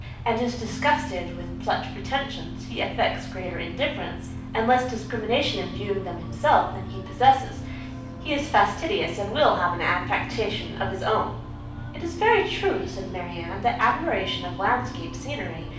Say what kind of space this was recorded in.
A medium-sized room (about 5.7 m by 4.0 m).